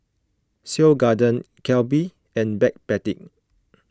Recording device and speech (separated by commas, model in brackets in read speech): close-talking microphone (WH20), read sentence